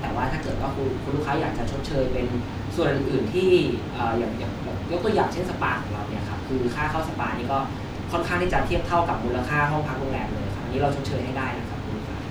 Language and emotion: Thai, neutral